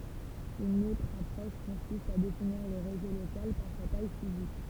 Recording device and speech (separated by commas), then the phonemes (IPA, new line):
temple vibration pickup, read sentence
yn otʁ apʁɔʃ kɔ̃sist a definiʁ lə ʁezo lokal paʁ sa taj fizik